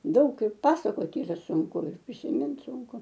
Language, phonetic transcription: Lithuanian, ˈdaug ir ˈpasakot' ˈyra sunˈku ir prisiˈmint ˈsunku

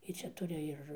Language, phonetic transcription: Lithuanian, ˈji ˈčia ˈturi ir

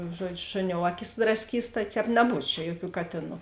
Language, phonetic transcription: Lithuanian, ˈžuoˌdžiu ˈšuˌniou ˈaˌkis drasˈkys tai ˈtēp neˈbūs čia ˈjuoˌkių ˈkatėˌnų

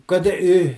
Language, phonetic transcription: Lithuanian, ˈkad i i

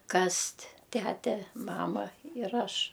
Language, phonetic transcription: Lithuanian, ˈkast' ˈtæte ˈmama ir ˈaš

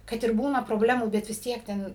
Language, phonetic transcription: Lithuanian, kad ir ˈbūna proˈblemų bet vis ˈtiek ˈten

